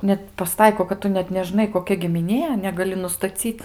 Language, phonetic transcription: Lithuanian, net paˈstaiko kad ˈtu net neˈžnai koˈkia gimiˈnie negaˈli nustaˈcyt

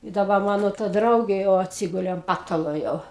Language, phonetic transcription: Lithuanian, i daˈba ˈmano ta ˈdraugė jau atˈsigulė an ˈpatalo jau

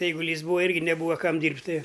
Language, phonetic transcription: Lithuanian, eiguˈlys ˈbūa ˈirgi neˈbūva ˈkam ˈdyrbt' ˈtɨ

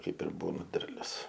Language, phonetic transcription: Lithuanian, ˈkaip ir ˈbūna ˈderlius

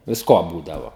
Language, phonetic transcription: Lithuanian, visˈko ˈbūdavo

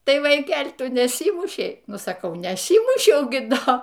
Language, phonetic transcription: Lithuanian, ˈtai vaiˈkel' ˈtu neˈsymušei ˈnu saˈkau neˈsymušiau gi ˈdo

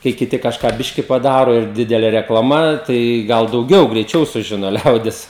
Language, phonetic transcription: Lithuanian, kai kiˈti kažˈką ˈbiški paˈdaro ir ˈdidelė reklaˈma tai ˈgal dauˈgiau greiˈčiau suˈžino ˈliaudis

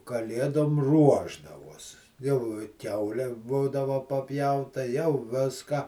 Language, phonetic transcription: Lithuanian, kaˈlėdom ˈruošdavos jau i ˈkiaule ˈbūdava paˈpjauta jau ˈviską

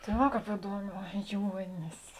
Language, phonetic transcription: Lithuanian, tai ˈva ˈkāp iˈduoˌmē ˈjuonis

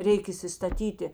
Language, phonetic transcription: Lithuanian, ˈreik įsistaˈtyti

